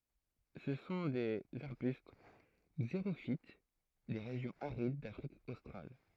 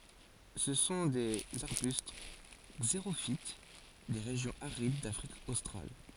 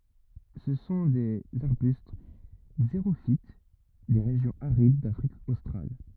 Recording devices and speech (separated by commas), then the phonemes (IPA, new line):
throat microphone, forehead accelerometer, rigid in-ear microphone, read sentence
sə sɔ̃ dez aʁbyst ɡzeʁofit de ʁeʒjɔ̃z aʁid dafʁik ostʁal